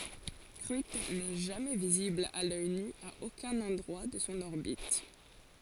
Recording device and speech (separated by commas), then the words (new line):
forehead accelerometer, read sentence
Cruithne n'est jamais visible à l'œil nu à aucun endroit de son orbite.